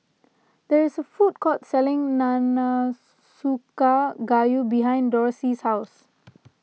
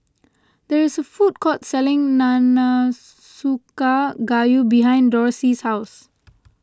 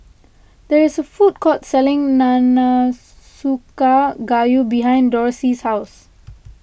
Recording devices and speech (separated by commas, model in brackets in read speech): mobile phone (iPhone 6), close-talking microphone (WH20), boundary microphone (BM630), read sentence